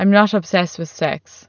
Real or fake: real